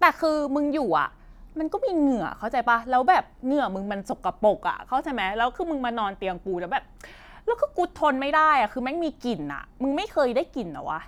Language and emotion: Thai, frustrated